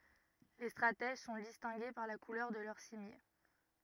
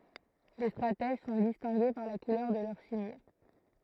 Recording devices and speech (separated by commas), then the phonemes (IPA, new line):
rigid in-ear microphone, throat microphone, read sentence
le stʁatɛʒ sɔ̃ distɛ̃ɡe paʁ la kulœʁ də lœʁ simje